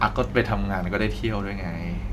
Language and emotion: Thai, neutral